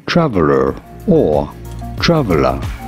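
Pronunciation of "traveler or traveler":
'Traveler' is said twice here, both times with an American English pronunciation.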